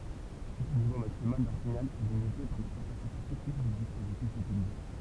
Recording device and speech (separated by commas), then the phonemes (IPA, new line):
temple vibration pickup, read sentence
lə nivo maksimal dœ̃ siɲal ɛ limite paʁ le kapasite tɛknik dy dispozitif ytilize